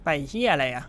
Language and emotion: Thai, angry